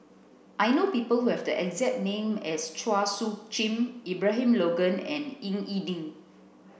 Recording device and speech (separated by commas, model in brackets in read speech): boundary microphone (BM630), read sentence